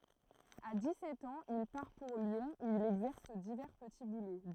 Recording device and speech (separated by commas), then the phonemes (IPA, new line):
throat microphone, read sentence
a di sɛt ɑ̃z il paʁ puʁ ljɔ̃ u il ɛɡzɛʁs divɛʁ pəti bulo